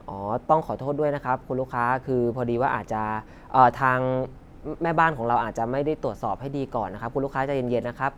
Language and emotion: Thai, neutral